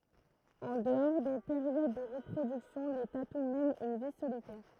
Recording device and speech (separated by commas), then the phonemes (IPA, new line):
throat microphone, read sentence
ɑ̃ dəɔʁ de peʁjod də ʁəpʁodyksjɔ̃ le tatu mɛnt yn vi solitɛʁ